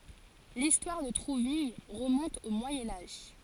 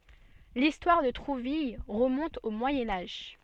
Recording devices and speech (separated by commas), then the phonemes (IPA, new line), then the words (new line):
forehead accelerometer, soft in-ear microphone, read sentence
listwaʁ də tʁuvil ʁəmɔ̃t o mwajɛ̃ aʒ
L'histoire de Trouville remonte au Moyen Âge.